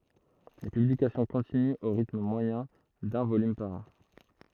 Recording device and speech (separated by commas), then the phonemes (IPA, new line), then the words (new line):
throat microphone, read sentence
le pyblikasjɔ̃ kɔ̃tinyt o ʁitm mwajɛ̃ dœ̃ volym paʁ ɑ̃
Les publications continuent au rythme moyen d’un volume par an.